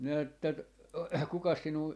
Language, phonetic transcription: Finnish, minä että ‿t- , » 'kukas sinuu , .
- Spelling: minä että - kukas sinua

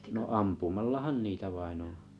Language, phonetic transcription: Finnish, no "ampumallahan 'niitä 'vainn ‿oo̰ .
- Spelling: no ampumallahan niitä vain on

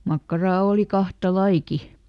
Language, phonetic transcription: Finnish, ˈmakkaraa ˈòli ˈkahta "laiki .
- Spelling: makkaraa oli kahta lajiakin

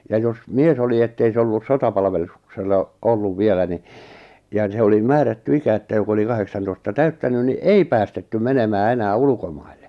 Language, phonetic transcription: Finnish, ja jos "mies ‿oli ettei se ollus 'sotapalvelus- , -ksella , 'olluv 'vielä ni , ja ni 'se oli 'määrätty 'ikä että jok ‿oli 'kaheksantoista "täyttä-nyn ni "ei päästetty "menemää 'enää "ulukomaille .
- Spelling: ja jos mies oli että ei se ollut - sotapalveluksella ollut vielä niin ja niin se oli määrätty ikä että joka oli kahdeksantoista täyttänyt niin ei päästetty menemään enää ulkomaille

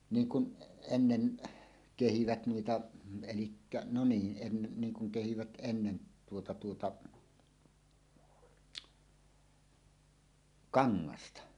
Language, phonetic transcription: Finnish, 'niiŋ kun , ennen , "kehivät 'nuita , elikkä , no 'niin , ’ennen niŋ kuŋ kehivät 'ennen 'tuota 'tuota , "kaŋŋasta .
- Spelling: niin kuin ennen kehivät noita eli no niin ennen niin kuin kehivät ennen tuota tuota kangasta

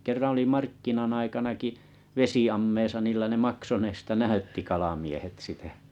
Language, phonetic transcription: Finnish, 'kerran oli 'markkinan ‿aikanaki , 'vesi₍ammeesa niillä ne 'makson ‿eestä "näytti 'kalamiehet 'sitä .
- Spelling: kerran oli markkinan aikanakin vesiammeessa niillä ne maksun edestä näytti kalamiehet sitä

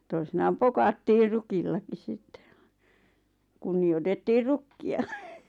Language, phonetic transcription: Finnish, toisinaam "pokattior 'rukillaki 'sittᴇ (ᴠᴀɴ) , 'kunni₍otettiir "rukki₍a .
- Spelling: toisinaan pokattiin rukillakin sitten vain kunnioitettiin rukkia

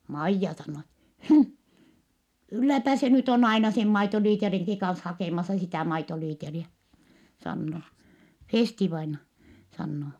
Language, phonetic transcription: Finnish, Maijja sannoo et , » hmh , kylläpä se nyt ‿on aina sem maitoliiteriŋki kans hakèmasa sitä̀ maitoliiteriä » , sanno , Fèsti-vaina , sanno .
- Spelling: Maija sanoo että hm kylläpä se nyt on aina sen maitolitrankin kanssa hakemassa sitä maitolitraa sanoo Festi-vainaja sanoo

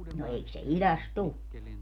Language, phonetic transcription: Finnish, no 'eik se 'iläst "tu ?
- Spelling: no eikö se idästä tule

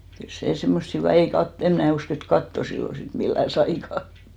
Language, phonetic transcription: Finnish, kyl "sè 'semmost hyvì ei kat- , em mnä̀ usk ‿et "katto sillo sit 'millä̀ 'saika .
- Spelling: kyllä se semmoista hyvin ei - en minä usko että kattoa silloin sitten millään saikaan

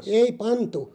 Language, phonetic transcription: Finnish, ei 'pantu .
- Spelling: ei pantu

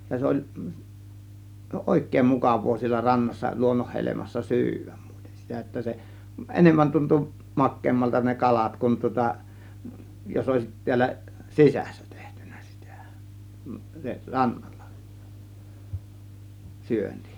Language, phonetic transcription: Finnish, ja 'se 'oĺ , "òėk̆kèĭm "mukav̆voo siellä 'rannassa , 'luonnohhelemassa "sy̬yvÄM MUItEN sitä että se , "ˀenemmän tuntu , "makkeemmalta ne "kalat kun tŭŏta , jos òėsit 'ti̬ällä , "sisÄssÄ 'tEHtYN̆NÄ sItÄ , se "raNN(ALLA) , 'syönti .
- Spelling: ja se oli oikein mukavaa siellä rannassa luonnonhelmassa syödä muuten sitä että se enemmän tuntui makeammalta ne kalat kun tuota jos olisi täällä sisässä tehty sitä se rannalla syönti

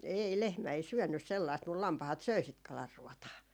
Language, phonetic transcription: Finnish, 'ei , 'lehmä ei 'syönnys 'sellaist mul 'lampahat söi sit 'kalarruɔtaa .
- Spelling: ei lehmä ei syönyt sellaista mutta lampaat söi sitä kalanruotaa

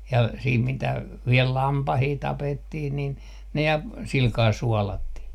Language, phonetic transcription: Finnish, ja 'siit mitä , 'viel "lampahii 'tapettih nin , ne ja , 'silkaa "suɔlattih .
- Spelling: ja sitten mitä vielä lampaita tapettiin niin ne ja sillä kalella suolattiin

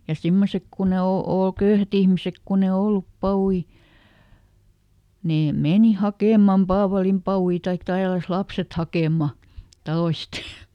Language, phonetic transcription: Finnish, ja "simmosek kun ‿e ˈo- , ˈòl "köyhät ‿ihmisek kunn ‿e "ollup ˈpawui , ˈnee ˈmeni ˈhakèm̆mam "paavalimpa₍ui taik ˈtälläs ˈlapset "hakèmma , ˈtaloist .
- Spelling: ja semmoiset kun ei - ole köyhät ihmiset kun ei ollut papuja ne meni hakemaan paavalinpapuja tai tälläsi lapset hakemaan taloista

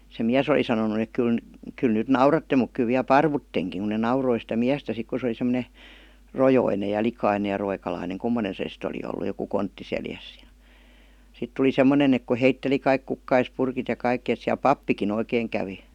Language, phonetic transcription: Finnish, se "miäs oli sanonu ek 'kyl » n- , 'kyl nyt "nauratte muk 'ky viä "parvutteŋkiŋ « ku ne 'nauroi sitä "miästä 'sik ku se oli sem°ne , "rojoinej ja "likainej ja roikalaineŋ "kummonen se sit ‿oli ollu joku "kontti 'seljäs (JA) , 'sit tuli 'semmonen ‿ek ku 'heitteli kaik "kukkaispurkit ja kaikkⁱ et siäl "pappiki'n ‿oikeeŋ kävi .
- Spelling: se mies oli sanonut että kyllä - kyllä nyt nauratte mutta kyllä vielä paruttekin kun ne nauroi sitä miestä sitten kun se oli semmoinen rojoinen ja likainen ja roikalainen kummoinen se sitten oli ollut joku kontti selässä ja sitten tuli semmoinen että kun heitteli kaikki kukkaspurkit ja kaikki että siellä pappikin oikein kävi

